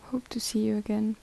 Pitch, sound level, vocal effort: 220 Hz, 73 dB SPL, soft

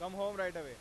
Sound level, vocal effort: 102 dB SPL, very loud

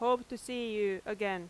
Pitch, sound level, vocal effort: 215 Hz, 90 dB SPL, very loud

